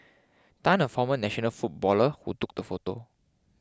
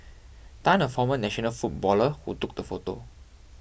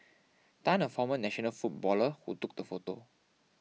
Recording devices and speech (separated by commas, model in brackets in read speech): close-talking microphone (WH20), boundary microphone (BM630), mobile phone (iPhone 6), read sentence